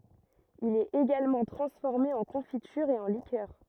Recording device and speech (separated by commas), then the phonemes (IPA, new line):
rigid in-ear microphone, read sentence
il ɛt eɡalmɑ̃ tʁɑ̃sfɔʁme ɑ̃ kɔ̃fityʁ e ɑ̃ likœʁ